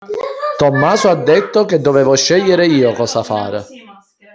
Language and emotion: Italian, neutral